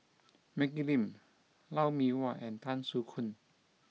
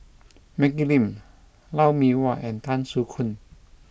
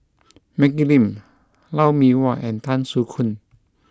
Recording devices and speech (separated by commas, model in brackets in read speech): mobile phone (iPhone 6), boundary microphone (BM630), close-talking microphone (WH20), read sentence